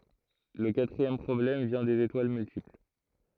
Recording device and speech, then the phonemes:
throat microphone, read sentence
lə katʁiɛm pʁɔblɛm vjɛ̃ dez etwal myltipl

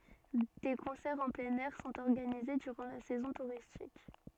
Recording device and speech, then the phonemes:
soft in-ear microphone, read sentence
de kɔ̃sɛʁz ɑ̃ plɛ̃n ɛʁ sɔ̃t ɔʁɡanize dyʁɑ̃ la sɛzɔ̃ tuʁistik

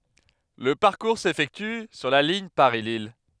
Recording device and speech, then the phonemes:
headset microphone, read sentence
lə paʁkuʁ sefɛkty syʁ la liɲ paʁislij

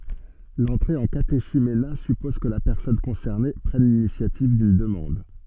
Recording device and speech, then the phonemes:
soft in-ear microphone, read sentence
lɑ̃tʁe ɑ̃ kateʃymena sypɔz kə la pɛʁsɔn kɔ̃sɛʁne pʁɛn linisjativ dyn dəmɑ̃d

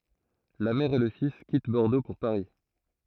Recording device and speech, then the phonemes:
throat microphone, read sentence
la mɛʁ e lə fis kit bɔʁdo puʁ paʁi

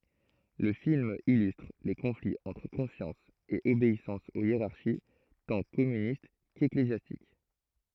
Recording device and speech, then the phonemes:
throat microphone, read sentence
lə film ilystʁ le kɔ̃fliz ɑ̃tʁ kɔ̃sjɑ̃s e obeisɑ̃s o jeʁaʁʃi tɑ̃ kɔmynist keklezjastik

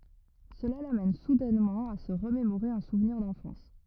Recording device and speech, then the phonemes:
rigid in-ear microphone, read sentence
səla lamɛn sudɛnmɑ̃ a sə ʁəmemoʁe œ̃ suvniʁ dɑ̃fɑ̃s

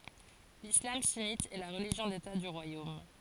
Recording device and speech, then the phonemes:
forehead accelerometer, read sentence
lislam synit ɛ la ʁəliʒjɔ̃ deta dy ʁwajom

